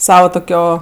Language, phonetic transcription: Lithuanian, ˈsava tuˈkio

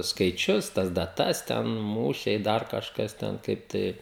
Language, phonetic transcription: Lithuanian, skaiˈčius tas daˈtas ten ˈmūšiai ˈdar kažˈkas ˈten kaip ˈtai

